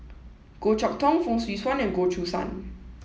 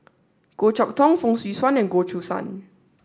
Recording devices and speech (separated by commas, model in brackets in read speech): mobile phone (iPhone 7), standing microphone (AKG C214), read sentence